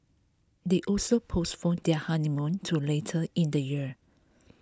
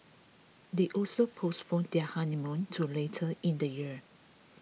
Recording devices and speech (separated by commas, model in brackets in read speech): close-talking microphone (WH20), mobile phone (iPhone 6), read sentence